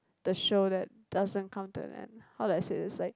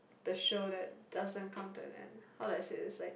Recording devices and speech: close-talking microphone, boundary microphone, conversation in the same room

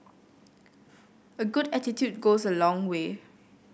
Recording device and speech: boundary microphone (BM630), read sentence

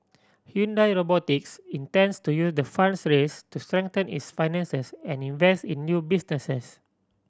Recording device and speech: standing microphone (AKG C214), read sentence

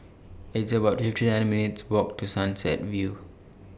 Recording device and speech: boundary microphone (BM630), read sentence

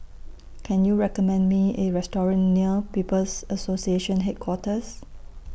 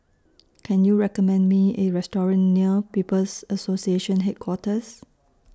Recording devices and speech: boundary microphone (BM630), standing microphone (AKG C214), read sentence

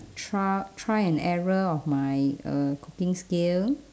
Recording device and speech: standing microphone, conversation in separate rooms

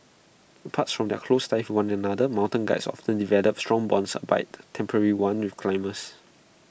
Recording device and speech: boundary microphone (BM630), read sentence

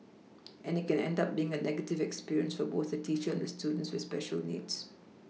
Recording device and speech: mobile phone (iPhone 6), read sentence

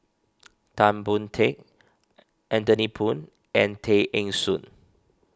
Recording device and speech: standing microphone (AKG C214), read sentence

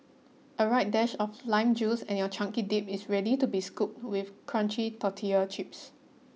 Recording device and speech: mobile phone (iPhone 6), read sentence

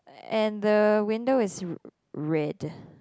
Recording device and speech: close-talking microphone, conversation in the same room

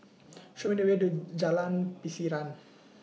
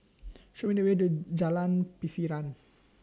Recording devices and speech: mobile phone (iPhone 6), standing microphone (AKG C214), read sentence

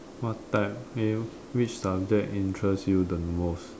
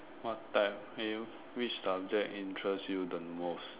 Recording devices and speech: standing microphone, telephone, conversation in separate rooms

